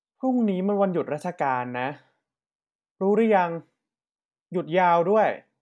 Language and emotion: Thai, frustrated